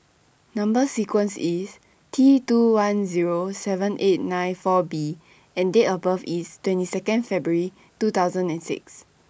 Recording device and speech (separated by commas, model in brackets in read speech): boundary microphone (BM630), read sentence